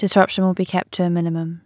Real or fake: real